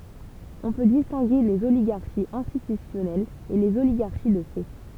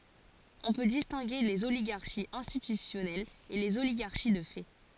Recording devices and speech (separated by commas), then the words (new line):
temple vibration pickup, forehead accelerometer, read sentence
On peut distinguer les oligarchies institutionnelles et les oligarchies de fait.